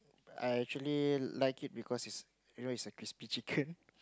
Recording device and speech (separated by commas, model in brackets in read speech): close-talking microphone, conversation in the same room